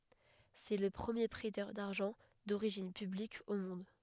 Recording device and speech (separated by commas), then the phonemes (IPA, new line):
headset microphone, read sentence
sɛ lə pʁəmje pʁɛtœʁ daʁʒɑ̃ doʁiʒin pyblik o mɔ̃d